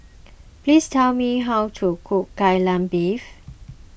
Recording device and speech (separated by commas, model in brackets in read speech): boundary microphone (BM630), read sentence